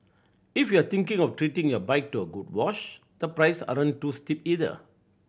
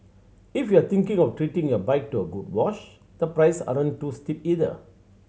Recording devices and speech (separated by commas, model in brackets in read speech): boundary microphone (BM630), mobile phone (Samsung C7100), read sentence